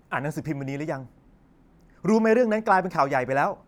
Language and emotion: Thai, angry